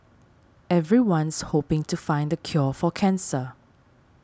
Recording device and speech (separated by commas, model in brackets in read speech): standing microphone (AKG C214), read sentence